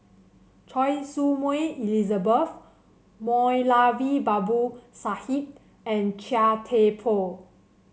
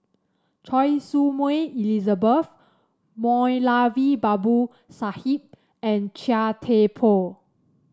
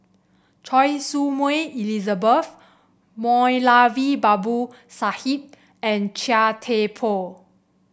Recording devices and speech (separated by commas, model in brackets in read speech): mobile phone (Samsung C7), standing microphone (AKG C214), boundary microphone (BM630), read sentence